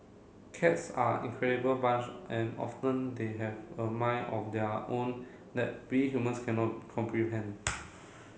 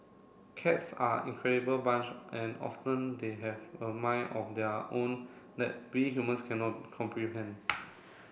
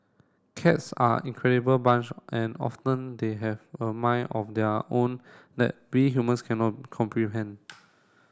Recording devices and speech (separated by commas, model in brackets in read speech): mobile phone (Samsung C7), boundary microphone (BM630), standing microphone (AKG C214), read sentence